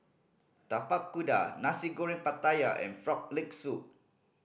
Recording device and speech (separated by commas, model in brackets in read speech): boundary microphone (BM630), read sentence